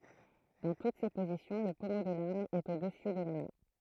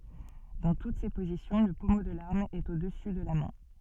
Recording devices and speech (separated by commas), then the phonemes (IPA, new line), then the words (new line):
throat microphone, soft in-ear microphone, read sentence
dɑ̃ tut se pozisjɔ̃ lə pɔmo də laʁm ɛt o dəsy də la mɛ̃
Dans toutes ces positions, le pommeau de l'arme est au-dessus de la main.